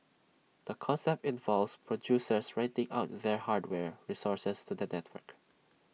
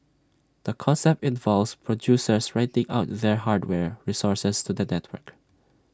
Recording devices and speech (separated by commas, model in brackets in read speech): mobile phone (iPhone 6), standing microphone (AKG C214), read sentence